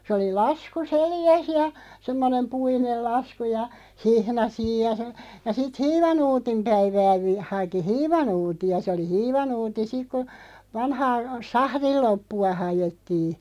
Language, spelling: Finnish, se oli lasku selässä ja semmoinen puinen lasku ja hihna siinä ja sanoi ja sitten hiivanuutin päivää - haki hiivanuuttia se oli hiivanuutti sitten kun vanhaa sahdin loppua haettiin
- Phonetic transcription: sᵉ oli 'lasku "seljäs ja , 'semmonem "puinel 'lasku ja , "hihna 'siij ja (sano) , ja sit "hiivanuutim 'päivää vi- , 'haki "hiivanuuti₍a se oli "hiivanuuti 'sik ku , 'vanhaa , "sahril 'loppu₍a 'hajettii .

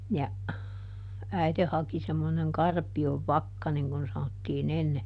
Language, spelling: Finnish, ja äiti haki semmoinen karpion vakka niin kuin sanottiin ennen
- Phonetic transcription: ja , ˈäite haki semmoneŋ "karpi₍ov "vakka niŋ kun̬ ˈsanottiiˈn ‿enne ,.

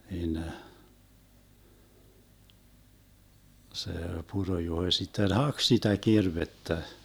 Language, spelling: Finnish, siinä se Puro-Juho sitten haki sitä kirvestä
- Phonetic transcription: hiinä , se 'Puro-Juhoⁱ sitten "hak sitä 'kirvettä .

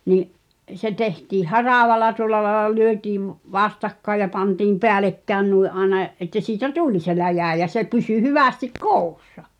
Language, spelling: Finnish, niin se tehtiin haravalla tuolla lailla lyötiin vastakkain ja pantiin päällekkäin noin aina että siitä tuli se läjä ja se pysyi hyvästi koossa
- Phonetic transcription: ni’ , se 'tehtiih "haràvala tuŏl̆la laĕla 'lyötiiv , "vastakkaĕj ja 'pantiim "peälekkään nui’ ’aena , ’että siitä "tuĺ se 'läjä̀ ja se pysy 'hyvästik "kòu̬ssa .

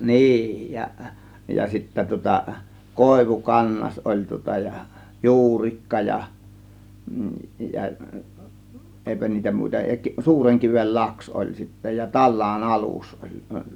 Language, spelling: Finnish, niin ja ja sitten tuota Koivukangas oli tuota ja Juurikka ja ja eipä niitä muita ja Suurenkiven laksi oli sitten ja Talaan alus oli
- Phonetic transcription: niij ja , ja sittä tŭŏta , "Kòėvu'kannas oĺ tŭŏta ja , "Juurikka ja , ja , 'ˀèipä niitä 'mùita ja , 'Suureŋkivel "laks ol sittä ja , "Tallaan "alus oĺ .

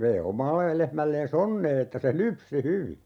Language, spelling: Finnish, vei omalle lehmälleen onnea että se lypsi hyvin
- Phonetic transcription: vei 'omalle , 'lehmällee"s ‿onnee että se "lypsi 'hyvi .

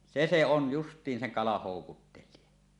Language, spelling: Finnish, se se on justiin sen kalan houkuttelija
- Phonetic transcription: 'se se on 'just̀iin seŋ kalah 'hòukuttel̆lie .

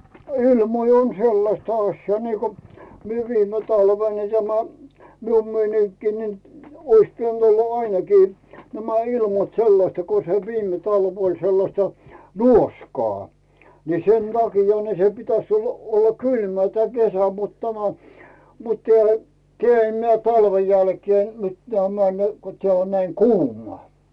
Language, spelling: Finnish, ilmoja on sellaista asiaa niin kuin minä viime talvena niin tämä minun meininkini niin olisi pitänyt olla ainakin nämä ilmat sellaista kun se viime talvi oli sellaista nuoskaa niin sen takia niin se pitäisi olla olla kylmää tämä kesä mutta tämä mutta täällä - - talven jälkeen - tämä ne kun tämä on näin kuumaa
- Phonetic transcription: ilmoi on 'sellasta aśjaa niiko , 'mie 'viime talven ni tämä , 'mium 'meiniŋkkii nin , ois 'pi₍änt ‿olla ainekii , 'nämä 'ilmat "sellasta ko se 'viime talv ‿oĺ sellasta , "nuoskaa , ni 'sen taki̳a̳ ni se 'pitäś olla olla "kylmää tᵉä̀ 'kesä mut tämä , mut teä̀lᴀ̈ , keä̀- m 'talven̬ jälkee mit- tämä ne , ko 'teä̀ on näi "kuum̀ᵒà .

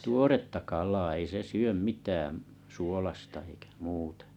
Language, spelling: Finnish, tuoretta kalaa ei se syö mitään suolaista eikä muuta
- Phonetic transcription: tuoretta kal̀aa ei se 'syöm 'mitääm , 'suolasta eikä 'muutᴀ .

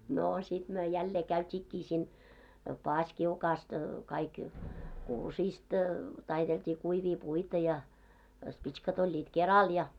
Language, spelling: Finnish, no sitten me jälleen käytiinkin siinä paasikiukaasta kaikki kuusista taiteltiin kuivia puita ja pitskat olivat keralla ja
- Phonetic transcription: noo sit myö 'jällee 'käyt́iikkii siin , "paaskiukaast , kaik , 'kuusiist , 'taitelt́ii 'kuivii 'puita ja , 'pits̆kat oĺĺiit "keral ja .

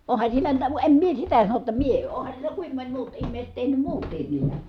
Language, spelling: Finnish, onhan siinä mitä vain en minä sitä sano jotta minä onhan siellä kuinka moni muut ihmiset tehnyt muutkin niitä
- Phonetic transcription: ohan siinä (mitä vua) , em mie sitä sanoj jotta mie , ohan̬ siel̀ä kuim moń muut immèi̮set tehnym muut̀iin niitä .

